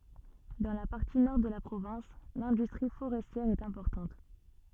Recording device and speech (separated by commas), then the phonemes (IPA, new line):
soft in-ear microphone, read sentence
dɑ̃ la paʁti nɔʁ də la pʁovɛ̃s lɛ̃dystʁi foʁɛstjɛʁ ɛt ɛ̃pɔʁtɑ̃t